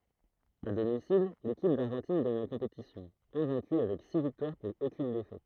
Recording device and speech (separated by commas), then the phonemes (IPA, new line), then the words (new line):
throat microphone, read sentence
a domisil lekip daʁʒɑ̃tin ɡaɲ la kɔ̃petisjɔ̃ ɛ̃vɛ̃ky avɛk si viktwaʁ puʁ okyn defɛt
À domicile, l'équipe d'Argentine gagne la compétition, invaincue avec six victoires pour aucune défaite.